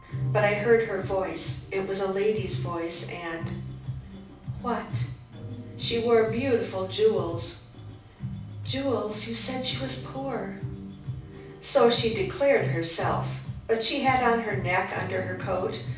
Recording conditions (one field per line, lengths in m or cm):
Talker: one person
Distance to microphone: 5.8 m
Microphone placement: far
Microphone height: 1.8 m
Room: medium-sized (5.7 m by 4.0 m)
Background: music